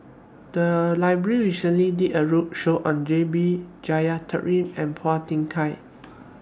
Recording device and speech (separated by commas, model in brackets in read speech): standing microphone (AKG C214), read sentence